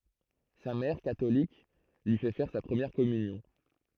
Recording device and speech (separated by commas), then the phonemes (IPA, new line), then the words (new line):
throat microphone, read sentence
sa mɛʁ katolik lyi fɛ fɛʁ sa pʁəmjɛʁ kɔmynjɔ̃
Sa mère, catholique, lui fait faire sa première communion.